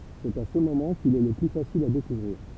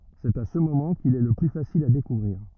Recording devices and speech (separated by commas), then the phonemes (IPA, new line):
temple vibration pickup, rigid in-ear microphone, read sentence
sɛt a sə momɑ̃ kil ɛ lə ply fasil a dekuvʁiʁ